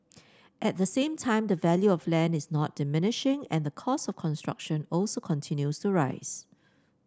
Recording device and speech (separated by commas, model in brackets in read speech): standing microphone (AKG C214), read sentence